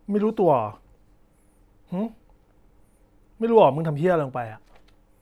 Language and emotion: Thai, angry